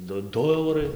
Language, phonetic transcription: Lithuanian, ˈdu ˈdu ˈaurai

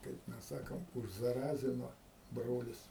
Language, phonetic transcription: Lithuanian, kaip ˈmes ˈsakom užzaˈrazino ˈbrolis

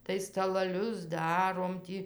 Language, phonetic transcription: Lithuanian, tai stalaˈlius ˈdarom tį

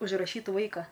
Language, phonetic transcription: Lithuanian, užˈrašyt ˈvaika

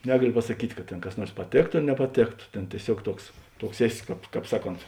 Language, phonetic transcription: Lithuanian, ˈnegalio pasaˈkyt' kad ˈtėn kas ˈnuors paˈtėkto ar nepaˈtėkto ˈtėn tieˈsiuog ˈtuoks ˈtuoks ˈeˌsi ˈkāp ˈkāp ˈsaˌkont

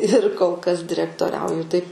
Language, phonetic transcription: Lithuanian, ir kol kas direktoˈriauju taip

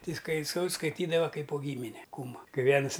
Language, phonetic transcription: Lithuanian, ˈtai skai sau skaiˈtydava ˈkaip po ˈgymine ˈkūmu ˈkai ˈvienus

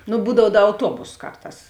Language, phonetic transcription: Lithuanian, nu ˈbūdav ˈda auˈtuobos ˈkarˌtās

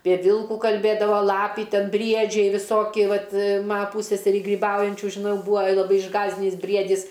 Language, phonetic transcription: Lithuanian, pie ˈvilkų kalˈbėdavo ˈlapį ˈten ˈbriedžiai viˈsoki ˈvat ˈma ˈpūsseserį gryˈbaujančių žiˈnau ˈbūa laˈbai išˈgąsdinys ˈbriedys

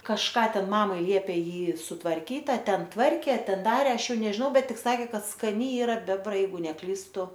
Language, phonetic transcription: Lithuanian, kažˈką ˈten ˈmamai ˈliepė ˈjį sutvarˈkyt a ˈten tvarkė a ˈten ˈdarė ˈaš ˈjau nežiˈnau ˈbet ˈtik saˈkė ˈkad skaˈni ˈyra ˈbebra ˈjeigu neˈklystu

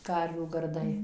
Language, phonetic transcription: Lithuanian, ˈkarvių garˈdai

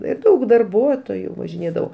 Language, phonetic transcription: Lithuanian, ir ˈdaug darˈbuotoju važiˈnėdavo

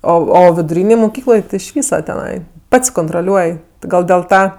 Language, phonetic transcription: Lithuanian, ˈo o viduˈrynėj muˈkykloj iš ˈvysa teˈnai ˈpats kontroˈliuoj ti ˈgal dėl ˈta

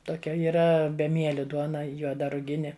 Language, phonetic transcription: Lithuanian, toˈkia yˈra beˈmieli ˈduona juoˈda ruˈgini

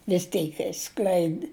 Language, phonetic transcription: Lithuanian, vis ˈteik išˈskleidi

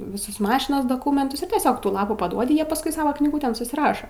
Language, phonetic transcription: Lithuanian, viˈsus ˈmašinos doˈkūmentus ir tieˈsiog ˈtų ˈlapų paˈduodi ˈjie pasˈkui ˈsava knyˈgutėn susiˈraša

